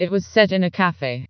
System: TTS, vocoder